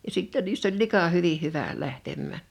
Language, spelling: Finnish, ja sitten niissä oli lika hyvin hyvä lähtemään
- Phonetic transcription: ja 'sìtte niiss̳ ‿oĺ 'lika 'hyvi 'hyvä̀ 'lähtemmä̀ .

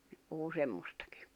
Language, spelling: Finnish, ne puhui semmoistakin
- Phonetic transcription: ne puhu 'semmostAkɪ .

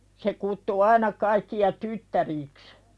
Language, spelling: Finnish, se kutsui aina kaikkia tyttäriksi
- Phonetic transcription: se kuttu "aina kaikki₍a "tyttärì̳ks .

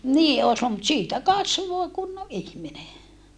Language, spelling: Finnish, niin olisi - mutta siitä kasvoi kunnon ihminen
- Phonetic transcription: nii oos luul - mut siitä kasvoⁱ kunnoʼ ʼihmine .

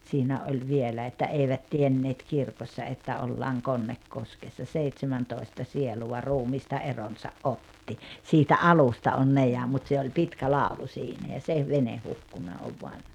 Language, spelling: Finnish, siinä oli vielä että eivät tienneet kirkossa että ollaan Konnekoskessa seitsemäntoista sielua ruumiista eronsa otti siitä alusta on ne ja mutta se oli pitkä laulu siinä ja se vene hukkunut on vain
- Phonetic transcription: 'siinä oĺ 'vielä että » 'eivät 'tienneet 'kirkossa että 'ollaaŋ "Konnekkoskessa 'seitsemäntòi̬sta sieluwa 'ruumiista 'eronsa’ "’otti « , siitä '’alusta on 'ne ja mut se oĺ 'pitkä 'làulu 'siinä ja se 'vene 'hukkuna ov voan .

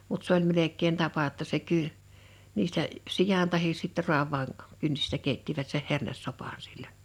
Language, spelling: Finnish, mutta se oli melkein tapa jotta se - niistä sian tai sitten raavaan kynsistä keittivät sen hernesopan silloin
- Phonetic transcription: mut 's ‿oĺ 'melek̆keen 'tapa (jo)tta se 'kyr- , 'niistä , 'sijan tahis sitte 'ru̬av̀aan , 'kynsistä 'keittivät seh 'hernessopàn sil͕l͕əəɴ .

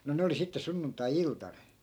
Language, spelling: Finnish, no ne oli sitten sunnuntai-iltana
- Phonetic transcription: no 'ne oli sitte 'sunnunt̆tai"iltan .

